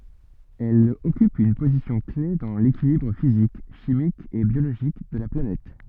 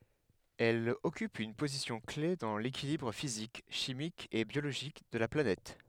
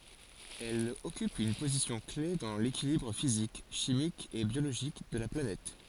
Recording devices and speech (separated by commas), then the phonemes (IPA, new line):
soft in-ear microphone, headset microphone, forehead accelerometer, read sentence
ɛl ɔkyp yn pozisjɔ̃klɛf dɑ̃ lekilibʁ fizik ʃimik e bjoloʒik də la planɛt